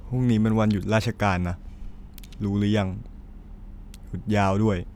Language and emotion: Thai, neutral